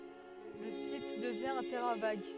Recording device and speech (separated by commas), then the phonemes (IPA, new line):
headset microphone, read sentence
lə sit dəvjɛ̃ œ̃ tɛʁɛ̃ vaɡ